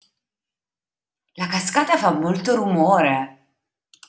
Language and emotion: Italian, surprised